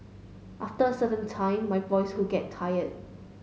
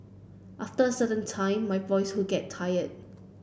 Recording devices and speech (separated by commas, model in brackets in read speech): mobile phone (Samsung S8), boundary microphone (BM630), read sentence